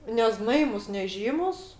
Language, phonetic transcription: Lithuanian, neˈznaimus neˈžymus

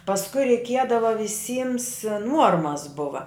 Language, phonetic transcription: Lithuanian, pasˈkui reiˈkiedava viˈsyms ˈnuormas ˈbuva

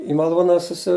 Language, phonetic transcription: Lithuanian, i maˈlūna suˈsi

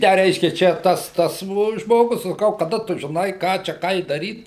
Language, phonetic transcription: Lithuanian, ˈtę ˈreiškia ˈčia ˈtas ˈtas žmoˈgus saˈkau kaˈda ˈtu žiˈnai ˈką čia ˈkai daˈryt

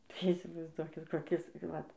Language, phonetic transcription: Lithuanian, tai įsivaizˈduokit koˈkis ˈvat

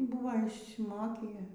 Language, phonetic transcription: Lithuanian, ˈbuva išsiˈmokį

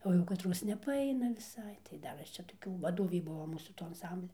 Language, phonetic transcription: Lithuanian, ˈo jau kaˈtros nepaˈaina viˈsai tai ˈdar ˈaš čia toˈkių vaˈdovį ˈbuvo ˈmūsų ˈto anˈsamblia

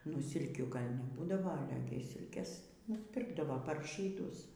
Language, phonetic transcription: Lithuanian, nu ˈsilkių ˈgal' neˈbūdava aˈle gi ˈsilkės nusˈpirkdavo par žyˈdus

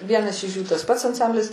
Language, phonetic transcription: Lithuanian, ˈvienas iš jų tas pats anˈsamblis

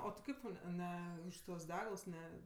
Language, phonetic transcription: Lithuanian, o ti ˈkaip tau ˈne ˈne už tuos ˈdegals ˈne

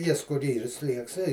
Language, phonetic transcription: Lithuanian, ˈjis kur ˈyr ˈslieks ei

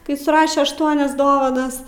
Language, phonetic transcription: Lithuanian, kai suˈraše ašˈtuonias ˈdovanas

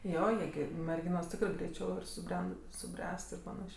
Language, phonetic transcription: Lithuanian, ˈjo ˈjie gi merˈginos ˈtikrɜ greiˈčiau ir suˈbren suˈbręst ir paˈnašė

